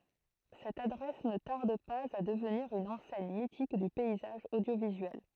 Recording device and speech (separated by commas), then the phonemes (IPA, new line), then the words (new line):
throat microphone, read sentence
sɛt adʁɛs nə taʁd paz a dəvniʁ yn ɑ̃sɛɲ mitik dy pɛizaʒ odjovizyɛl
Cette adresse ne tarde pas à devenir une enseigne mythique du paysage audiovisuel.